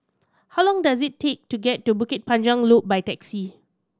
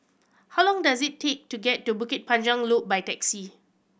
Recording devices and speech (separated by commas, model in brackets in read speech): standing microphone (AKG C214), boundary microphone (BM630), read sentence